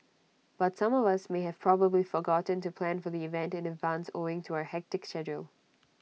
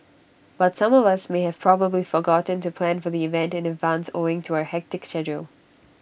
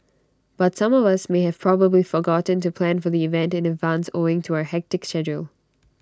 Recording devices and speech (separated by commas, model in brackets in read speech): mobile phone (iPhone 6), boundary microphone (BM630), standing microphone (AKG C214), read sentence